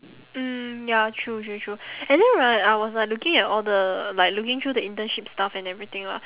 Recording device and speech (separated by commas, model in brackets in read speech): telephone, conversation in separate rooms